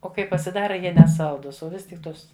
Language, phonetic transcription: Lithuanian, o ˈkai pasiˈdara ˈjie neˈsaldus o ˈvis tik ˈtos

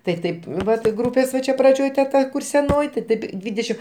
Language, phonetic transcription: Lithuanian, tai ˈtaip ˈvat ˈgrūpės va ˈčia praˈdžioj te ˈta ˈkur seˈnoj ti ˈtip ˈdvydešim

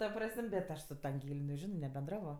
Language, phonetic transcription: Lithuanian, ta ˈpras'm' bet ˈaš su ta anˈgėl' neˈžino nebenˈdravo

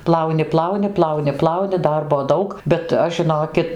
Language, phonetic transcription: Lithuanian, ˈplauni ˈplauni ˈplauni ˈplauni ˈdarbo ˈdaug bet ˈaš žiˈnokit

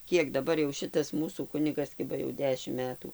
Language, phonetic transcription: Lithuanian, ˈkiek daˈbar jau ˈšitas ˈmūsų ˈkunigas ˈkiba jau ˈdešim ˈmetų

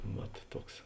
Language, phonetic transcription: Lithuanian, ˈvat ˈtuoks

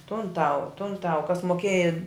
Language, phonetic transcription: Lithuanian, tun ˈtau tun ˈtau kas moˈkėja

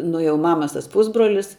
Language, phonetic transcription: Lithuanian, nu jau ˈmamas ˈtas ˈpūsbrolis

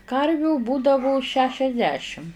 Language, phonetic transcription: Lithuanian, ˈkarvių ˈbūdavu šešiasˈdešim

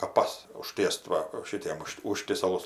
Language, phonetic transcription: Lithuanian, kaˈpas uˈž tiest ˈva ˈšitiem ˈužšt ˈužtiesalus

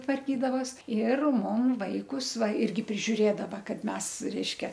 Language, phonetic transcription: Lithuanian, tvarˈkydavos ir ˈmum ˈvaikus ˈva ˈirgi prižiuˈrėdava ˈkad ˈmes ˈreiškia

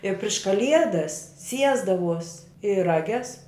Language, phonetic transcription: Lithuanian, i priš kaˈliedas ˈsiesdavuos i raˈges

